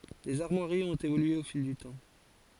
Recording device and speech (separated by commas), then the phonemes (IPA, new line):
forehead accelerometer, read sentence
lez aʁmwaʁiz ɔ̃t evolye o fil dy tɑ̃